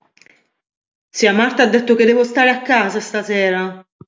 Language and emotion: Italian, angry